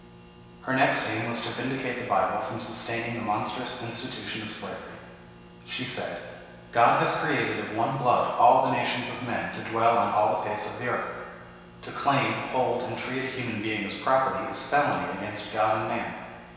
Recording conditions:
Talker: one person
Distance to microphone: 1.7 m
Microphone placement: close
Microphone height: 1.0 m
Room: very reverberant, large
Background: none

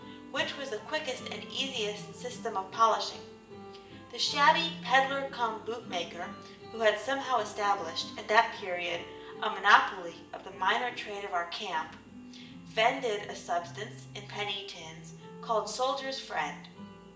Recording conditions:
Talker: one person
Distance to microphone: 1.8 m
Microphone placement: close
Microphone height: 1.0 m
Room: large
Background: music

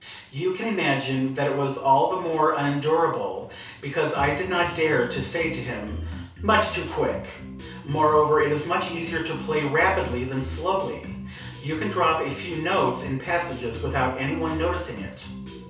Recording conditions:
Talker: one person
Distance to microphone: 3.0 m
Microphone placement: far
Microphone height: 1.8 m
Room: small (3.7 m by 2.7 m)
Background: music

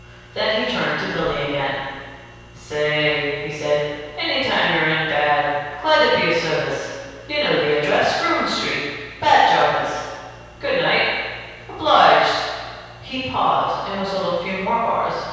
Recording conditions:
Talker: one person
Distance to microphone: 7.1 m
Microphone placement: far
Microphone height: 1.7 m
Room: very reverberant, large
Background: none

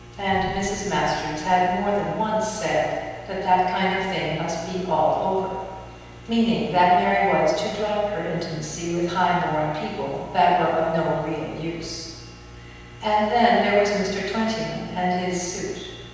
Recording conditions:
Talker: one person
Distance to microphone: 7.1 m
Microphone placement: far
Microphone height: 1.7 m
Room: very reverberant, large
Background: none

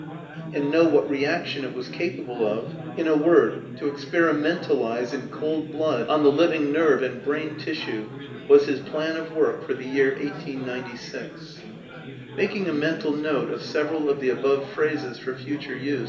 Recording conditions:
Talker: one person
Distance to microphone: 1.8 m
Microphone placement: close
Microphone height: 1.0 m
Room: large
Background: babble

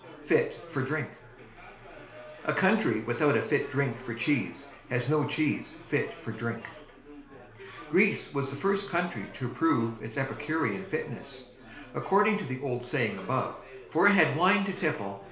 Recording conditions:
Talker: one person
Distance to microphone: 1.0 m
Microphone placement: close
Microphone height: 1.1 m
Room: small (3.7 m by 2.7 m)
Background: babble

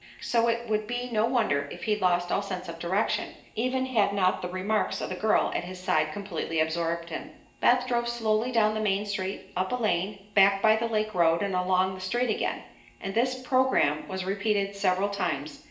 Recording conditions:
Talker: one person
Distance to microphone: 1.8 m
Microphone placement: close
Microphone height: 1.0 m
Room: large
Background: none

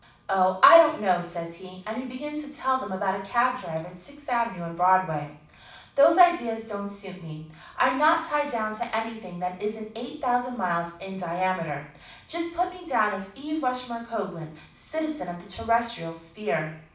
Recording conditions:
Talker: one person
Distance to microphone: 5.8 m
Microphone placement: far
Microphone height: 1.8 m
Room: medium-sized (5.7 m by 4.0 m)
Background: none

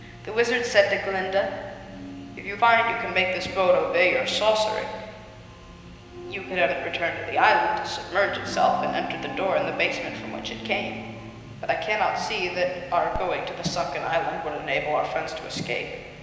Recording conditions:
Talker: one person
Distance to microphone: 1.7 m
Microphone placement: close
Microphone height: 1.0 m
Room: very reverberant, large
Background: television

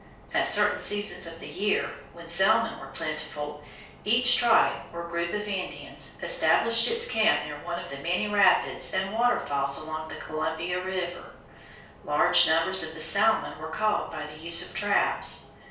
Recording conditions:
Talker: one person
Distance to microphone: 3.0 m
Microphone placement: far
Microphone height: 1.8 m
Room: small (3.7 m by 2.7 m)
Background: none

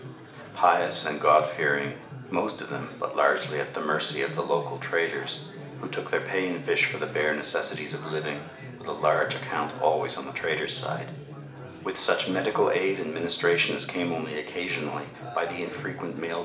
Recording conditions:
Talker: one person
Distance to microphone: 1.8 m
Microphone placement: close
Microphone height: 1.0 m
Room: large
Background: babble

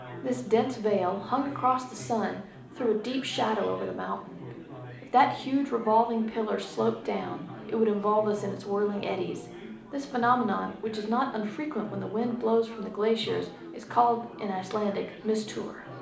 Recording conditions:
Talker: one person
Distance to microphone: 2.0 m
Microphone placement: close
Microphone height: 99 cm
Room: medium-sized (5.7 m by 4.0 m)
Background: babble

